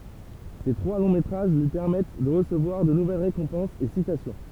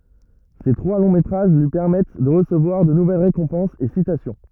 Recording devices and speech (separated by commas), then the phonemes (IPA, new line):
temple vibration pickup, rigid in-ear microphone, read sentence
se tʁwa lɔ̃ metʁaʒ lyi pɛʁmɛt də ʁəsəvwaʁ də nuvɛl ʁekɔ̃pɑ̃sz e sitasjɔ̃